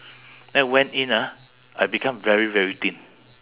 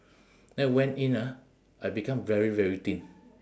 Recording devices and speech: telephone, standing microphone, conversation in separate rooms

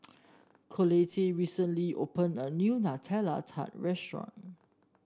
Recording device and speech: standing microphone (AKG C214), read sentence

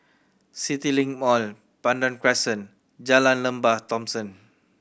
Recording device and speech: boundary microphone (BM630), read sentence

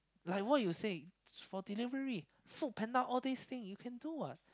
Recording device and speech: close-talking microphone, conversation in the same room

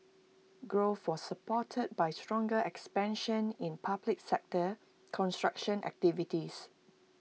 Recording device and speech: mobile phone (iPhone 6), read sentence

